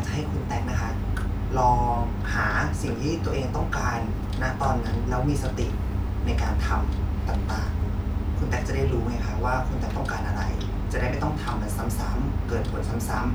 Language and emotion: Thai, neutral